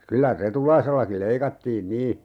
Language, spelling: Finnish, kyllä Retulaisellakin leikattiin niin
- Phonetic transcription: 'kylä "Retulaisellakiˡ 'leikattiin "nii ,.

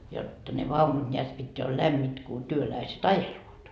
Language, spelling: Finnish, jotta ne vaunut näet pitää oli lämpimät kun työläiset ajelevat
- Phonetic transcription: jotta ne 'vaunut ńeät pitteä ol "lämmit ku työläiset "ajeluot » .

